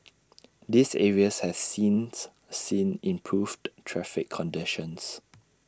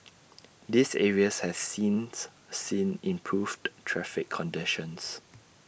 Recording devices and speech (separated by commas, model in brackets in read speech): standing microphone (AKG C214), boundary microphone (BM630), read sentence